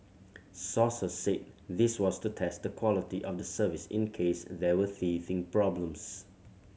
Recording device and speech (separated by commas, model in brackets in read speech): mobile phone (Samsung C7100), read sentence